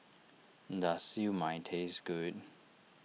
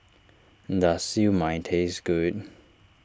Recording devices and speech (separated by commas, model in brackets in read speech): mobile phone (iPhone 6), standing microphone (AKG C214), read sentence